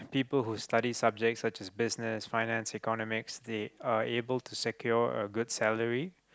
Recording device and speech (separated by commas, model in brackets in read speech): close-talking microphone, conversation in the same room